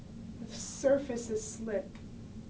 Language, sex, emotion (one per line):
English
female
neutral